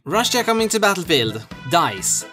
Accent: Australian accent